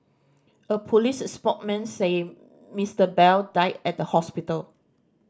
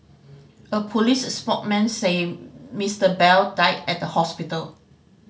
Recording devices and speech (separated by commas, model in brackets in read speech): standing microphone (AKG C214), mobile phone (Samsung C5010), read sentence